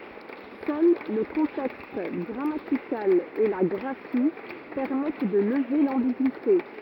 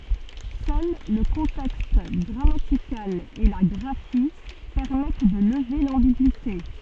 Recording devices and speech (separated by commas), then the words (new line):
rigid in-ear microphone, soft in-ear microphone, read sentence
Seul le contexte grammatical et la graphie permettent de lever l'ambigüité.